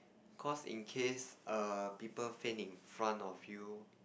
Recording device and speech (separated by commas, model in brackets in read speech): boundary microphone, conversation in the same room